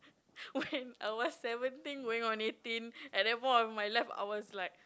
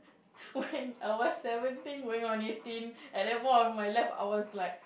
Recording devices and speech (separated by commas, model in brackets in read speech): close-talking microphone, boundary microphone, conversation in the same room